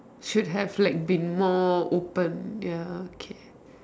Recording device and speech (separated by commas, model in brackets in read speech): standing microphone, conversation in separate rooms